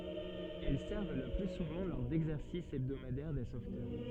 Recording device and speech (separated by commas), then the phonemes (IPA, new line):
soft in-ear microphone, read sentence
ɛl sɛʁv lə ply suvɑ̃ lɔʁ dɛɡzɛʁsis ɛbdomadɛʁ de sovtœʁ